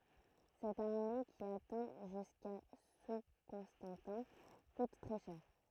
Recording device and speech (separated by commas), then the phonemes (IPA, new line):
throat microphone, read sentence
sɛt aʁme ki atɛ̃ ʒyska su kɔ̃stɑ̃tɛ̃ kut tʁɛ ʃɛʁ